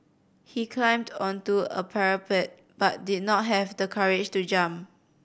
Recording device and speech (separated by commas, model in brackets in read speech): boundary microphone (BM630), read sentence